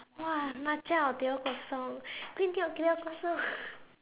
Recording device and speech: telephone, conversation in separate rooms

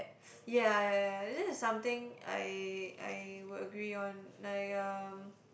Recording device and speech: boundary microphone, conversation in the same room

